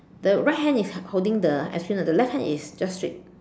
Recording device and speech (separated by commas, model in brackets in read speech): standing microphone, conversation in separate rooms